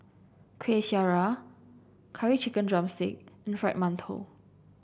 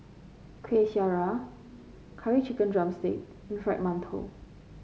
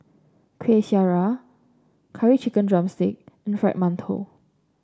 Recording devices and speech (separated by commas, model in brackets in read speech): boundary microphone (BM630), mobile phone (Samsung C5), standing microphone (AKG C214), read sentence